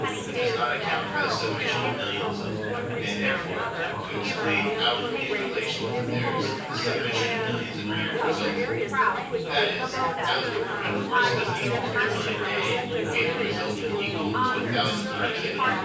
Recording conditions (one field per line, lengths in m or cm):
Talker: one person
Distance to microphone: 9.8 m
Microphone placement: far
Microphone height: 1.8 m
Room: large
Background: babble